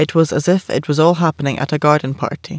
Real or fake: real